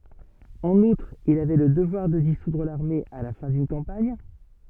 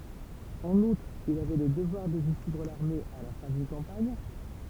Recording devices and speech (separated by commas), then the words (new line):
soft in-ear microphone, temple vibration pickup, read sentence
En outre, il avait le devoir de dissoudre l'armée à la fin d'une campagne.